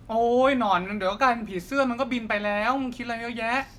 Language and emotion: Thai, frustrated